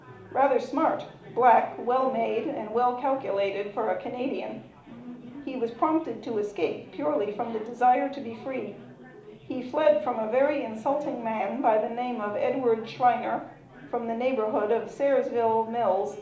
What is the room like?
A medium-sized room (about 5.7 m by 4.0 m).